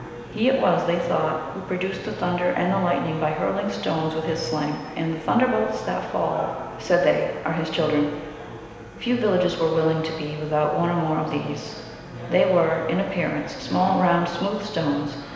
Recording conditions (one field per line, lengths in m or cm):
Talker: one person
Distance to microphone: 1.7 m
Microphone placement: close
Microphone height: 1.0 m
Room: very reverberant, large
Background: babble